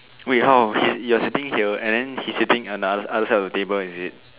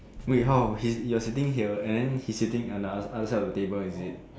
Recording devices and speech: telephone, standing microphone, conversation in separate rooms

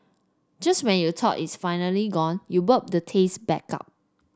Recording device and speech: standing microphone (AKG C214), read sentence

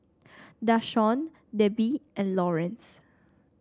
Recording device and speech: standing microphone (AKG C214), read sentence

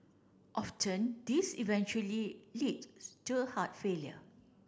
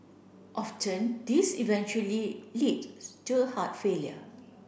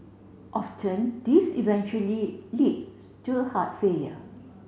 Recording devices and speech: standing microphone (AKG C214), boundary microphone (BM630), mobile phone (Samsung C7), read sentence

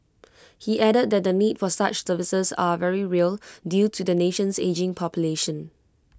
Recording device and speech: close-talking microphone (WH20), read sentence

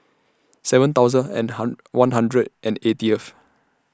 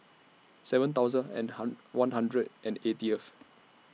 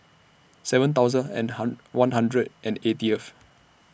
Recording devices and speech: standing microphone (AKG C214), mobile phone (iPhone 6), boundary microphone (BM630), read sentence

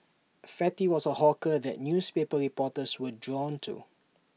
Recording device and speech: mobile phone (iPhone 6), read sentence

